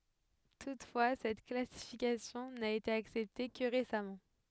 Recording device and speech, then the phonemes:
headset microphone, read sentence
tutfwa sɛt klasifikasjɔ̃ na ete aksɛpte kə ʁesamɑ̃

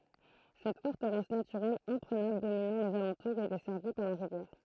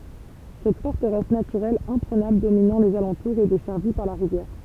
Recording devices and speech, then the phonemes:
throat microphone, temple vibration pickup, read sentence
sɛt fɔʁtəʁɛs natyʁɛl ɛ̃pʁənabl dominɑ̃ lez alɑ̃tuʁz e dɛsɛʁvi paʁ la ʁivjɛʁ

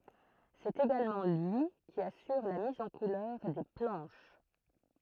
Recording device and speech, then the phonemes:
throat microphone, read sentence
sɛt eɡalmɑ̃ lyi ki asyʁ la miz ɑ̃ kulœʁ de plɑ̃ʃ

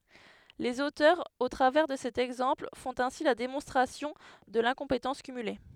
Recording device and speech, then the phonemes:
headset microphone, read sentence
lez otœʁz o tʁavɛʁ də sɛt ɛɡzɑ̃pl fɔ̃t ɛ̃si la demɔ̃stʁasjɔ̃ də lɛ̃kɔ̃petɑ̃s kymyle

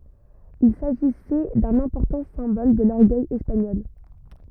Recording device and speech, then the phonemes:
rigid in-ear microphone, read sentence
il saʒisɛ dœ̃n ɛ̃pɔʁtɑ̃ sɛ̃bɔl də lɔʁɡœj ɛspaɲɔl

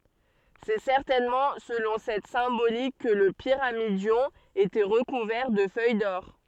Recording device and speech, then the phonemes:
soft in-ear microphone, read sentence
sɛ sɛʁtɛnmɑ̃ səlɔ̃ sɛt sɛ̃bolik kə lə piʁamidjɔ̃ etɛ ʁəkuvɛʁ də fœj dɔʁ

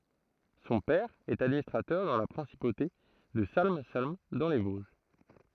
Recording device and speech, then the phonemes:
throat microphone, read sentence
sɔ̃ pɛʁ ɛt administʁatœʁ dɑ̃ la pʁɛ̃sipote də salm salm dɑ̃ le voʒ

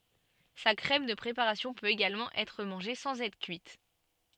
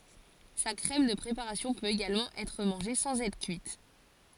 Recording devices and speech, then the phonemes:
soft in-ear microphone, forehead accelerometer, read sentence
sa kʁɛm də pʁepaʁasjɔ̃ pøt eɡalmɑ̃ ɛtʁ mɑ̃ʒe sɑ̃z ɛtʁ kyit

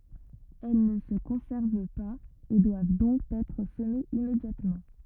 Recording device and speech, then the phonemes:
rigid in-ear microphone, read sentence
ɛl nə sə kɔ̃sɛʁv paz e dwav dɔ̃k ɛtʁ səmez immedjatmɑ̃

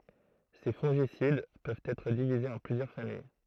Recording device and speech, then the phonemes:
throat microphone, read sentence
se fɔ̃ʒisid pøvt ɛtʁ divizez ɑ̃ plyzjœʁ famij

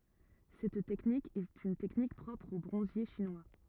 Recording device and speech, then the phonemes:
rigid in-ear microphone, read sentence
sɛt tɛknik ɛt yn tɛknik pʁɔpʁ o bʁɔ̃zje ʃinwa

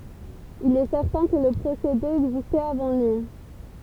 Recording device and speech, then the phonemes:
temple vibration pickup, read sentence
il ɛ sɛʁtɛ̃ kə lə pʁosede ɛɡzistɛt avɑ̃ lyi

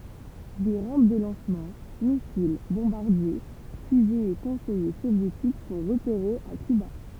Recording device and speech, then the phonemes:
temple vibration pickup, read sentence
de ʁɑ̃p də lɑ̃smɑ̃ misil bɔ̃baʁdje fyzez e kɔ̃sɛje sovjetik sɔ̃ ʁəpeʁez a kyba

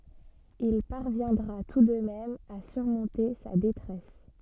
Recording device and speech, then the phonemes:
soft in-ear microphone, read sentence
il paʁvjɛ̃dʁa tu də mɛm a syʁmɔ̃te sa detʁɛs

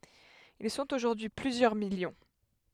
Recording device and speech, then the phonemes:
headset microphone, read sentence
il sɔ̃t oʒuʁdyi y plyzjœʁ miljɔ̃

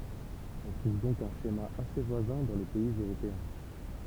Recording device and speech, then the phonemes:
temple vibration pickup, read sentence
ɔ̃ tʁuv dɔ̃k œ̃ ʃema ase vwazɛ̃ dɑ̃ le pɛiz øʁopeɛ̃

